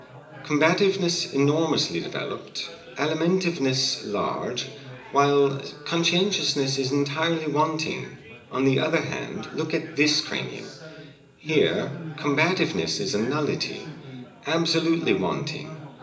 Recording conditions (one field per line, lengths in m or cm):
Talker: one person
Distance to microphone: 1.8 m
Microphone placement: close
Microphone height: 1.0 m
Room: large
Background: babble